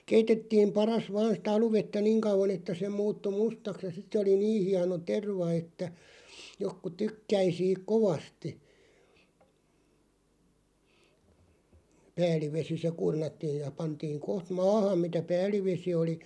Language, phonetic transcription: Finnish, 'keitettiim 'paras 'vaan̬ sⁱtä 'aluvettä 'niŋ 'kauv̆van ‿että se 'muuttu "mustaks ja 'sit se oli "nii 'hiano 'terva että , 'jokku 'tykkäi siiᵏ "kovasti , 'pääl̆livesi se 'kurnattiij ja 'pantiiŋ 'koht "maahaᵐ mitä "pääl̆li'vesi oli ,.
- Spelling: keitettiin padassa vain sitä aluvettä niin kauan että se muuttui mustaksi ja sitten se oli niin hieno terva että jotkut tykkäsi siitä kovasti päällivesi se kurnattiin ja pantiin kohta maahan mitä päällisvesi oli

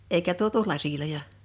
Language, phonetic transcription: Finnish, 'eikä 'tuotu "lasiloja .
- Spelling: eikä tuotu laseja

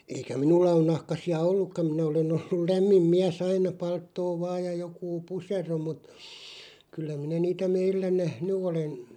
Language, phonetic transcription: Finnish, eikä 'minulla on 'nahkasi₍a "ollukkaᵐ minä ole'n ‿ollul 'lämmim "miä's ‿aina "palttoo 'vaaj ja 'jokuu "pusero mut , 'kyllä minä 'niitä 'meillä "nähny 'olen .
- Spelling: eikä minulla ole nahkaisia ollutkaan minä olen ollut lämmin mies aina palttoo vain ja joku pusero mutta kyllä minä niitä meillä nähnyt olen

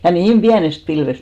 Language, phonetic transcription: Finnish, ja 'niim "ʙiänest pilvest !
- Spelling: ja niin pienestä pilvestä

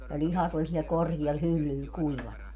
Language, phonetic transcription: Finnish, ja 'ĺihat́ ‿oĺ siɛl 'korkiɛl 'hyllyl , 'kuivana .
- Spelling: ja lihat oli siellä korkealla hyllyllä kuivana

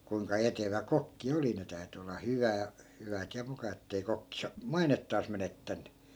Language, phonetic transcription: Finnish, kuiŋka 'etevä 'kokki "oli 'ne täy̬ty olla 'hyvää , 'hyvät ja 'muka ettei 'kokki 'sa- , "mainettaas 'menettänny .
- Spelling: kuinka etevä kokki oli ne täytyi olla hyvää hyvät ja muka että ei kokki - mainettaan menettänyt

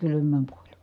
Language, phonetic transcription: Finnish, kylym̆määŋ kuoĺ .
- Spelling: kylmään kuoli

